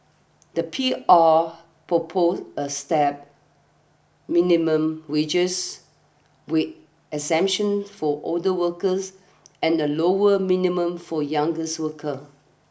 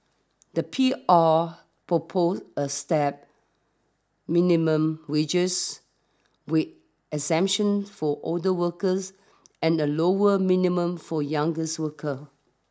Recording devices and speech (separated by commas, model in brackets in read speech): boundary microphone (BM630), standing microphone (AKG C214), read sentence